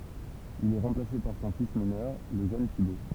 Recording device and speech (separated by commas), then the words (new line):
temple vibration pickup, read sentence
Il est remplacé par son fils mineur, le jeune Thibaut.